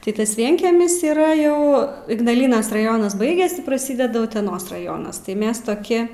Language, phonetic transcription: Lithuanian, tai ˈtas ˈvienkiemis yˈra ˈjau ignaˈlynas raˈjonas ˈbaigias praˈsydedu uteˈnos raˈjonas tai ˈmes toˈki

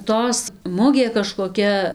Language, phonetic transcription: Lithuanian, ˈtos ˈmugė kažkoˈkia

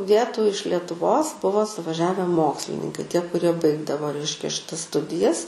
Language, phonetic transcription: Lithuanian, ˈvietų iš letuˈvos ˈbuvo suvaˈžiave ˈmokslininkai ˈtie kuˈrie ˈbaigdavo ˈreiškia šiˈtas ˈstudijas

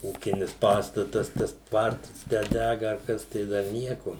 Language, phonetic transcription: Lithuanian, ˈūkinis ˈpastatas tas ˈtvartas tę ˈdæga ar ˈkas tai ˈdar ˈnieko

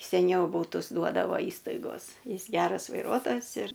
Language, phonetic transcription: Lithuanian, seˈniau ˈbūtus ˈduodavo ˈįstaigos ˈjis ˈgeras vaiˈruotojas ir

